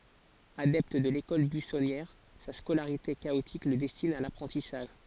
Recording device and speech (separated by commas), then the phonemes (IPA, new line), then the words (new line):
forehead accelerometer, read sentence
adɛpt də lekɔl byisɔnjɛʁ sa skolaʁite kaotik lə dɛstin a lapʁɑ̃tisaʒ
Adepte de l'école buissonnière, sa scolarité chaotique le destine à l'apprentissage.